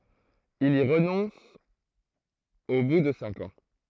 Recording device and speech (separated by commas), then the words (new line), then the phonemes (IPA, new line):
throat microphone, read sentence
Il y renonce au bout de cinq ans.
il i ʁənɔ̃s o bu də sɛ̃k ɑ̃